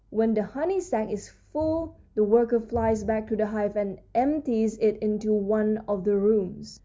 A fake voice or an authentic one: authentic